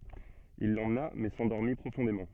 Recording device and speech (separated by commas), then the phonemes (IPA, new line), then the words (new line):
soft in-ear microphone, read sentence
il lemna mɛ sɑ̃dɔʁmi pʁofɔ̃demɑ̃
Il l'emmena mais s'endormit profondément.